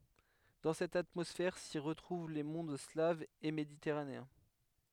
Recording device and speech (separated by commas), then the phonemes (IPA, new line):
headset microphone, read sentence
dɑ̃ sɛt atmɔsfɛʁ si ʁətʁuv le mɔ̃d slavz e meditɛʁaneɛ̃